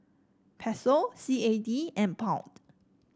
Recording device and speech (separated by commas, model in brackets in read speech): standing microphone (AKG C214), read sentence